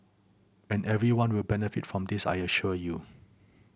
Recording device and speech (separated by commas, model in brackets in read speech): boundary microphone (BM630), read sentence